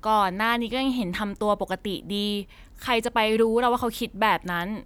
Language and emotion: Thai, frustrated